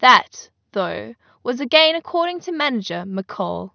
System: none